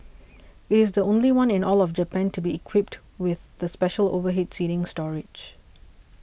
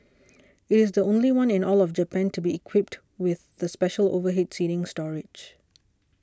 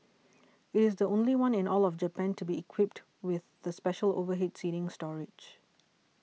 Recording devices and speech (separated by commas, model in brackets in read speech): boundary microphone (BM630), standing microphone (AKG C214), mobile phone (iPhone 6), read sentence